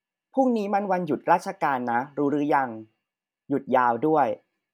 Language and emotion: Thai, neutral